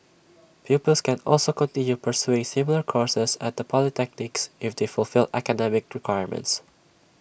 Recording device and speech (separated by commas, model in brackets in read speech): boundary microphone (BM630), read sentence